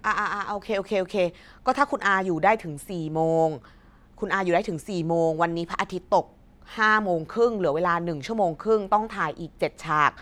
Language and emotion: Thai, frustrated